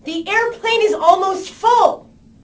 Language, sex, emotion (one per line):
English
female
angry